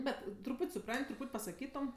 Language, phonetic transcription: Lithuanian, ˈbet truˈpūt' suˈpran't' truˈpūt' pasaˈkytom

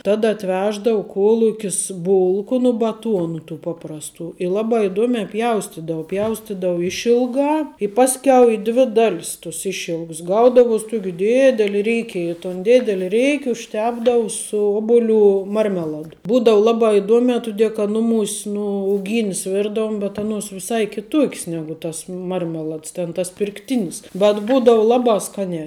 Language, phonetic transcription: Lithuanian, ˈtada atˈveždau ˈkuolukis ˈbulku nu baˈtuonu tų paprasˈtų i ˈlabā iˈduomiā ˈpjaustidau ˈpjaustidau ˈišilgā i ˈpasˌkiau i dvi ˈdalis tus ˈišilgs ˈgaudavuos' tuok' ˈdiedeli ˈryke i ton ˈdideli ˈreiki užˈtepdavu su ˈobuˌlių ˈmarmeˌladu ˈbūdavu ˈlabā iˈduomē ˈtudie kad nuˈmūs' ˈnu uˈgynis ˈvirdavuom bet ˈanuos viˈsai kiˈtuok's ˈnegu tas ˈmarmelads ten tas pirkˈtinis bet ˈbūdavu ˈlabā ˈskaniā

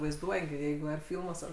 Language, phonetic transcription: Lithuanian, vaizˈduoja gi ˈjeigu ar ˈfilmuos ar

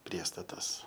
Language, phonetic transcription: Lithuanian, ˈpriestatas

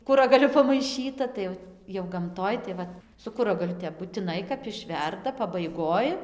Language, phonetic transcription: Lithuanian, ˈkuragaliu pamaiˈšyta tai ˈjau jau gamˈtoj tai ˈvat su ˈkuragaliu ˈtep butiˈnai kap iˈšverda pabaiˈgoj

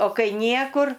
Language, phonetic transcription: Lithuanian, o ˈkai ˈniekur

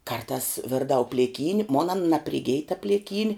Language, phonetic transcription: Lithuanian, karˈtās ˈvirdau plėˈkyn' mon an napriˈgij ta pliˈkyni

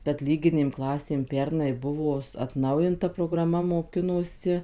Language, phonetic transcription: Lithuanian, kad ˈlyginėm ˈklasėm ˈpernai ˈbuvo atˈnaujinta prograˈma moˈkinosi

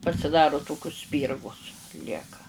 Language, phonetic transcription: Lithuanian, pasiˈdaru ˈtokius ˈspyrgus ˈlieka

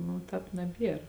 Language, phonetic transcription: Lithuanian, nu ˈtāp naˈbier

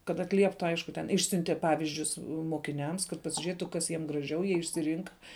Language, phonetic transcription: Lithuanian, kad atˈlieptu ˈaišku ten ˈišsiunteˈpavizdžius mokiˈniams kad pasiˈžėtu ˈkas jiem graˈžiau ˈjie išsiˈrynka

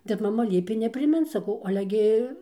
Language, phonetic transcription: Lithuanian, ˈtep maˈma ˈliepė nepriˈmint saˈkau ˈale ˈgi

